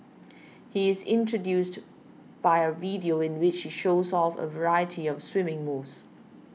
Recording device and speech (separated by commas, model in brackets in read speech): mobile phone (iPhone 6), read sentence